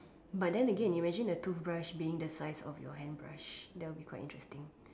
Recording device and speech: standing microphone, conversation in separate rooms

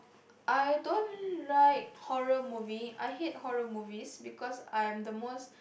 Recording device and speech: boundary microphone, conversation in the same room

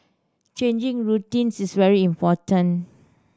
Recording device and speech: standing microphone (AKG C214), read sentence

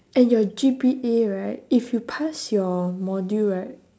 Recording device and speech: standing microphone, conversation in separate rooms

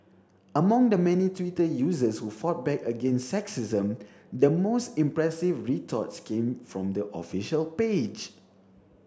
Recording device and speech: standing microphone (AKG C214), read sentence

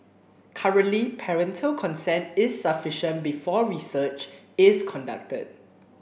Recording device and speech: boundary microphone (BM630), read sentence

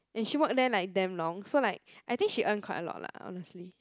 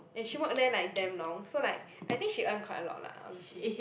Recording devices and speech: close-talking microphone, boundary microphone, conversation in the same room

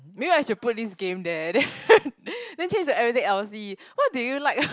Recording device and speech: close-talking microphone, conversation in the same room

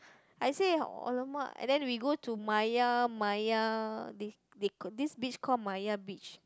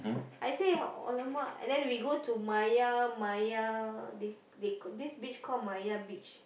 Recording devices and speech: close-talking microphone, boundary microphone, conversation in the same room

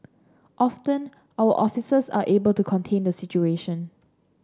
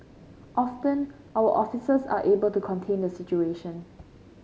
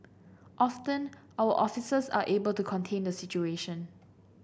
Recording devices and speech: standing microphone (AKG C214), mobile phone (Samsung C5), boundary microphone (BM630), read sentence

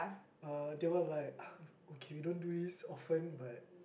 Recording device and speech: boundary microphone, conversation in the same room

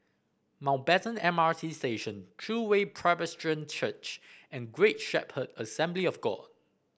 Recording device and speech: boundary microphone (BM630), read sentence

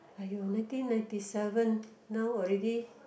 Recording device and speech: boundary microphone, conversation in the same room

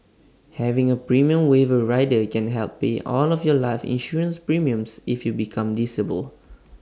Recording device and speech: standing microphone (AKG C214), read sentence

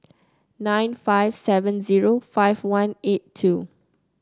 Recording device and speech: close-talking microphone (WH30), read sentence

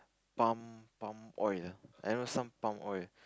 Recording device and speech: close-talking microphone, conversation in the same room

